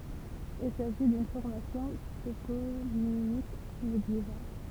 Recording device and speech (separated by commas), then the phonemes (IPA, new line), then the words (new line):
temple vibration pickup, read sentence
il saʒi dyn fɔʁmasjɔ̃ toponimik medjeval
Il s'agit d'une formation toponymique médiévale.